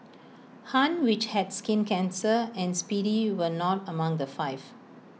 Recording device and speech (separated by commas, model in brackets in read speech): mobile phone (iPhone 6), read sentence